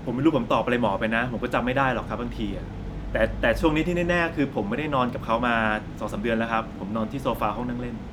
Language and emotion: Thai, neutral